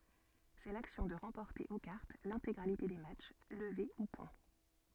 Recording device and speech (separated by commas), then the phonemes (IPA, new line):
soft in-ear microphone, read sentence
sɛ laksjɔ̃ də ʁɑ̃pɔʁte o kaʁt lɛ̃teɡʁalite de matʃ ləve u pwɛ̃